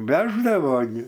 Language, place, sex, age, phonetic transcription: Lithuanian, Aukštaitija, male, 60+, ˈveždavo gi

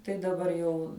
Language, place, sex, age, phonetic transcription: Lithuanian, Žemaitija, female, 18-60, tai daˈbar jau

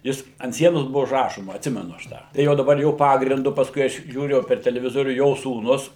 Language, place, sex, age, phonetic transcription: Lithuanian, Suvalkija, male, 60+, ˈjis ant ˈsienos ˈbuvo užˈrašoma atˈsimenu aš ˈtą tai ˈjau daˈbar ˈjo ˈpagrindu pasˈkui ˈaš žiūˈriu jau per televiˈzorių ˈjo sūˈnus

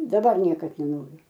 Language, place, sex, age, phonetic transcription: Lithuanian, Aukštaitija, female, 60+, daˈbar ˈniekad neˈnoriu

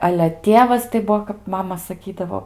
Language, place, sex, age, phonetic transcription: Lithuanian, Aukštaitija, female, 18-60, ale ˈtievas tai ˈbuo kap ˈmama saˈkydavo

